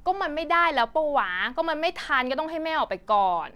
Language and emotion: Thai, frustrated